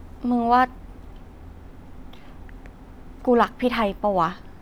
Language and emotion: Thai, neutral